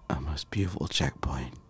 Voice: gravelly voice